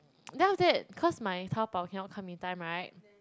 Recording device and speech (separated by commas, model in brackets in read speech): close-talking microphone, conversation in the same room